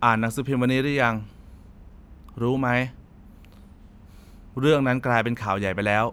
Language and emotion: Thai, frustrated